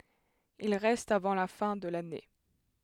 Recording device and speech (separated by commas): headset microphone, read sentence